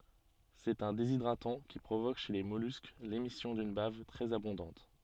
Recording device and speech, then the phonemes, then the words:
soft in-ear microphone, read sentence
sɛt œ̃ dezidʁatɑ̃ ki pʁovok ʃe le mɔlysk lemisjɔ̃ dyn bav tʁɛz abɔ̃dɑ̃t
C'est un déshydratant qui provoque chez les mollusques l'émission d'une bave très abondante.

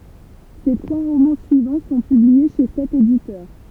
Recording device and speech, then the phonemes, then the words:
temple vibration pickup, read sentence
se tʁwa ʁomɑ̃ syivɑ̃ sɔ̃ pyblie ʃe sɛt editœʁ
Ses trois romans suivants sont publiés chez cet éditeur.

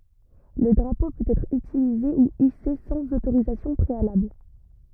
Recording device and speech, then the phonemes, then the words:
rigid in-ear microphone, read sentence
lə dʁapo pøt ɛtʁ ytilize u ise sɑ̃z otoʁizasjɔ̃ pʁealabl
Le drapeau peut être utilisé ou hissé sans autorisation préalable.

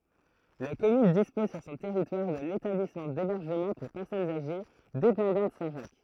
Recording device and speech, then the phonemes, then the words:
throat microphone, read sentence
la kɔmyn dispɔz syʁ sɔ̃ tɛʁitwaʁ də letablismɑ̃ debɛʁʒəmɑ̃ puʁ pɛʁsɔnz aʒe depɑ̃dɑ̃t sɛ̃tʒak
La commune dispose sur son territoire de l'établissement d'hébergement pour personnes âgées dépendantes Saint-Jacques.

